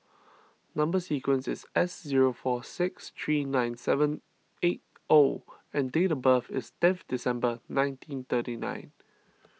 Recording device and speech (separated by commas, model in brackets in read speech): mobile phone (iPhone 6), read sentence